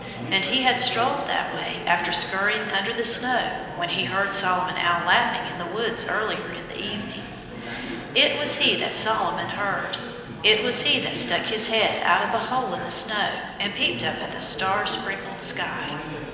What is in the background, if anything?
Crowd babble.